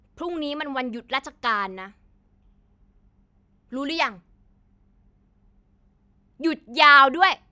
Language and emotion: Thai, angry